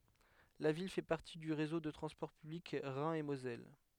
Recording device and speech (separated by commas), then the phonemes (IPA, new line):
headset microphone, read sentence
la vil fɛ paʁti dy ʁezo də tʁɑ̃spɔʁ pyblik ʁɛ̃ e mozɛl